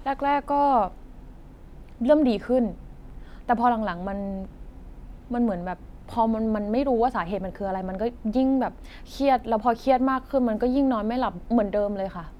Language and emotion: Thai, frustrated